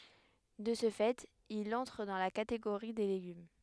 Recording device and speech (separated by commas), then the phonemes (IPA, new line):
headset microphone, read sentence
də sə fɛt il ɑ̃tʁ dɑ̃ la kateɡoʁi de leɡym